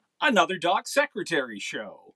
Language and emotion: English, surprised